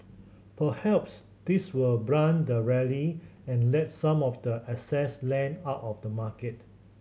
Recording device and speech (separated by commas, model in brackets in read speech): mobile phone (Samsung C7100), read sentence